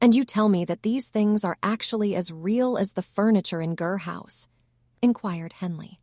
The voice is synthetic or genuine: synthetic